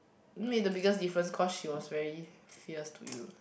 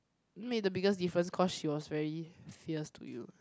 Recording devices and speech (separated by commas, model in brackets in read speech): boundary microphone, close-talking microphone, conversation in the same room